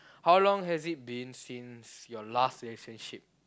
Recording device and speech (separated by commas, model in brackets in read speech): close-talking microphone, conversation in the same room